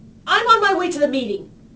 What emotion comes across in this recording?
angry